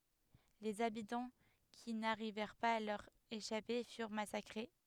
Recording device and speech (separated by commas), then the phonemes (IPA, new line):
headset microphone, read sentence
lez abitɑ̃ ki naʁivɛʁ paz a lœʁ eʃape fyʁ masakʁe